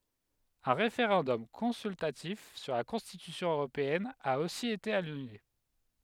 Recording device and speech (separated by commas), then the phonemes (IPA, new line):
headset microphone, read sentence
œ̃ ʁefeʁɑ̃dɔm kɔ̃syltatif syʁ la kɔ̃stitysjɔ̃ øʁopeɛn a osi ete anyle